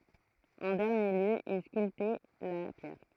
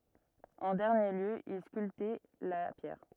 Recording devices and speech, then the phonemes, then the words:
throat microphone, rigid in-ear microphone, read sentence
ɑ̃ dɛʁnje ljø il skyltɛ la pjɛʁ
En dernier lieu, il sculptait la pierre.

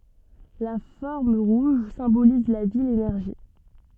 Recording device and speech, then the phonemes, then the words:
soft in-ear microphone, read sentence
la fɔʁm ʁuʒ sɛ̃boliz la vi lenɛʁʒi
La forme rouge symbolise la vie, l'énergie.

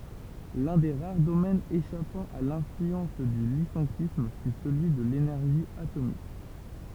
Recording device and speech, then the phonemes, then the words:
temple vibration pickup, read sentence
lœ̃ de ʁaʁ domɛnz eʃapɑ̃ a lɛ̃flyɑ̃s dy lisɑ̃kism fy səlyi də lenɛʁʒi atomik
L'un des rares domaines échappant à l'influence du lyssenkisme fut celui de l'énergie atomique.

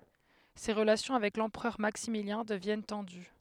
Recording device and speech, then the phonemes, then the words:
headset microphone, read sentence
se ʁəlasjɔ̃ avɛk lɑ̃pʁœʁ maksimiljɛ̃ dəvjɛn tɑ̃dy
Ses relations avec l'empereur Maximilien deviennent tendues.

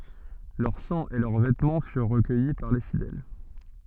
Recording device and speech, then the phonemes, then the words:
soft in-ear microphone, read sentence
lœʁ sɑ̃ e lœʁ vɛtmɑ̃ fyʁ ʁəkœji paʁ le fidɛl
Leur sang et leurs vêtements furent recueillis par les fidèles.

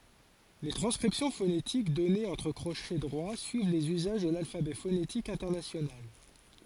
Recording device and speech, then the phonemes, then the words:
forehead accelerometer, read sentence
le tʁɑ̃skʁipsjɔ̃ fonetik dɔnez ɑ̃tʁ kʁoʃɛ dʁwa syiv lez yzaʒ də lalfabɛ fonetik ɛ̃tɛʁnasjonal
Les transcriptions phonétiques données entre crochets droits suivent les usages de l'alphabet phonétique international.

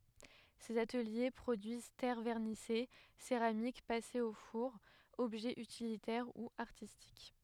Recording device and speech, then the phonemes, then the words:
headset microphone, read sentence
sez atəlje pʁodyiz tɛʁ vɛʁnise seʁamik pasez o fuʁ ɔbʒɛz ytilitɛʁ u aʁtistik
Ces ateliers produisent terres vernissées, céramiques passées au four, objets utilitaires ou artistiques.

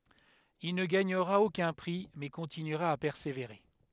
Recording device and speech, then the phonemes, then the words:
headset microphone, read sentence
il nə ɡaɲəʁa okœ̃ pʁi mɛ kɔ̃tinyʁa a pɛʁseveʁe
Il ne gagnera aucun prix, mais continuera à persévérer.

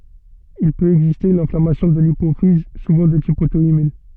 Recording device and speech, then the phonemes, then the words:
soft in-ear microphone, read sentence
il pøt ɛɡziste yn ɛ̃flamasjɔ̃ də lipofiz suvɑ̃ də tip oto immœ̃
Il peut exister une inflammation de l'hypophyse, souvent de type auto-immun.

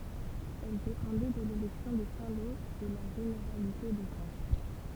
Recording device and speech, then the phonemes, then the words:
temple vibration pickup, read sentence
ɛl depɑ̃dɛ də lelɛksjɔ̃ də sɛ̃ lo də la ʒeneʁalite də kɑ̃
Elle dépendait de l'élection de Saint-Lô, de la généralité de Caen.

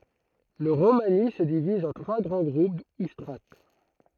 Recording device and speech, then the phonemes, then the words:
throat microphone, read sentence
lə ʁomani sə diviz ɑ̃ tʁwa ɡʁɑ̃ ɡʁup u stʁat
Le romani se divise en trois grands groupes ou strates.

